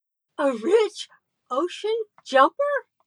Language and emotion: English, happy